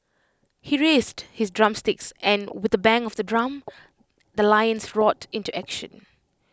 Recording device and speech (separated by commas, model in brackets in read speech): close-talking microphone (WH20), read sentence